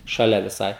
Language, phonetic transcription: Lithuanian, šaˈlia viˈsai

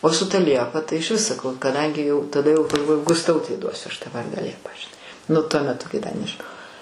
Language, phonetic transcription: Lithuanian, o su ˈta ˈliepa tai išˈvis saˈkau kaˈdangi jau taˈda jau galˈvoju gusˈtautei ˈduosiu ˈaš tą ˈvardą ˈliepa žiˈnai nu tuo meˈtu kai da nežiˈnojau

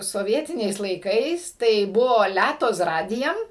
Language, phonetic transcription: Lithuanian, soˈvietiniais laiˈkais tai ˈbuvo ˈlæto z ˈradijem

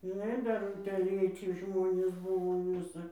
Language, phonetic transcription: Lithuanian, žiˈnai ˈdar utėˈlėci ˈžmonės ˈbuvo ˈvisa

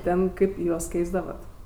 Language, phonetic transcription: Lithuanian, ˈten ˈkaip ˈjuos ˈkeisdavat

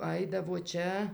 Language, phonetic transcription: Lithuanian, ˈaidavo ˈčia

